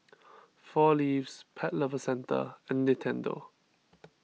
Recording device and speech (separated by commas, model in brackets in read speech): mobile phone (iPhone 6), read sentence